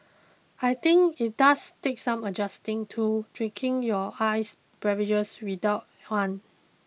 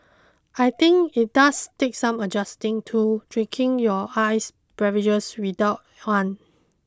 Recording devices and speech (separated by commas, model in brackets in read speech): mobile phone (iPhone 6), close-talking microphone (WH20), read sentence